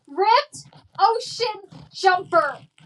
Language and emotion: English, angry